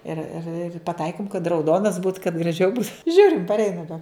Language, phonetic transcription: Lithuanian, ir ir ir paˈtaikim kad rauˈdonas būt kad graˈžiau būt ˈžiūrim parˈeina be

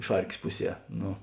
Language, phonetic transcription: Lithuanian, ˈšarkės ˈpuˌsie ˈnu

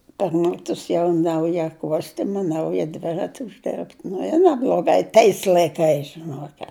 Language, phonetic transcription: Lithuanian, par ˈmetus jau ˈnauja ˈkuostima ˈnauja ˈdvirati užˈderbt ˈnu i nebloˈgai ˈtais laiˈkais žiˈnuoket

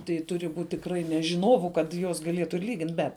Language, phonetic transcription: Lithuanian, tai ˈturi ˈbūt' tikˈrai ne žiˈnovu kad ˈjuos gaˈlėtu ir ˈlygint bet

